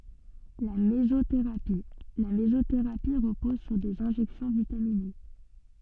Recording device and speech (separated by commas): soft in-ear microphone, read sentence